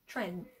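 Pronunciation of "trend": In 'trend', the final d is still there but deadened, not fully dropped.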